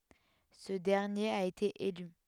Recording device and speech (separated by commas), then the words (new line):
headset microphone, read sentence
Ce dernier a été élu.